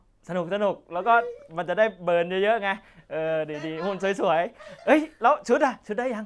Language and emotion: Thai, happy